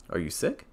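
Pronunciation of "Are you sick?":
The voice rises on 'sick'.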